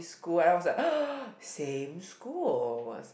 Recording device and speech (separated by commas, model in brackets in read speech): boundary microphone, conversation in the same room